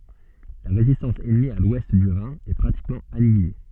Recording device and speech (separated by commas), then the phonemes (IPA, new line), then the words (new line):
soft in-ear microphone, read sentence
la ʁezistɑ̃s ɛnmi a lwɛst dy ʁɛ̃ ɛ pʁatikmɑ̃ anjile
La résistance ennemie à l'ouest du Rhin est pratiquement annihilée.